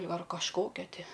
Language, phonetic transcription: Lithuanian, ar kažˈkokia ˈti

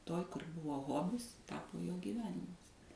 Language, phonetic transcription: Lithuanian, ˈtoj kur ˈbuvo ˈhobis ˈtapo jo gyˈvenimas

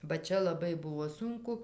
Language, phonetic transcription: Lithuanian, ba ˈčia laˈbai ˈbuvo ˈsunku

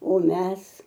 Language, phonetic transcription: Lithuanian, o ˈmes

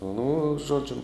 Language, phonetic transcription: Lithuanian, nu ˈžodžiu

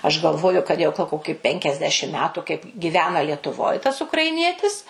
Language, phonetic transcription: Lithuanian, aš galˈvoju kad ˈjau gal ˈkoki penkiasˈdešim ˈmetu kaip giˈvena lietuˈvoj tas ukraiˈnietis

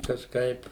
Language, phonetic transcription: Lithuanian, kažˈkaip

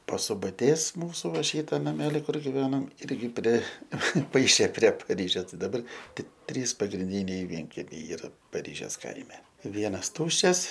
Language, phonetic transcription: Lithuanian, pasubaˈtės ˈmūsu ˈva ˈšyta naˈmeli ˈkur giˈvenam ˈirgi preˈpaišė prie paˈryžės ˈtai daˈbar ˈtik ˈtrys pagrinˈdyniai ˈvienkemiai ˈyra paˈryžės ˈkaime ˈvienas ˈtuščias

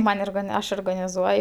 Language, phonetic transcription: Lithuanian, ˈman' orgaˈni ˈaš orgnaniˈzuoj

